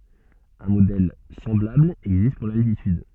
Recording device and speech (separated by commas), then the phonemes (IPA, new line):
soft in-ear microphone, read sentence
œ̃ modɛl sɑ̃blabl ɛɡzist puʁ laltityd